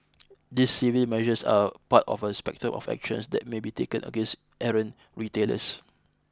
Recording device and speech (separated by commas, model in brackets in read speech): close-talking microphone (WH20), read sentence